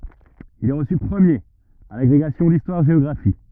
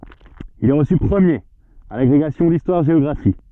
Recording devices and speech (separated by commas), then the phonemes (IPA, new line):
rigid in-ear microphone, soft in-ear microphone, read sentence
il ɛ ʁəsy pʁəmjeʁ a laɡʁeɡasjɔ̃ distwaʁʒeɔɡʁafi